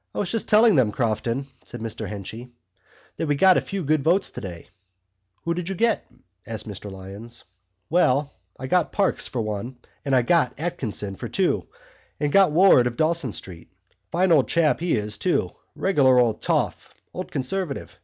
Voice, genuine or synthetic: genuine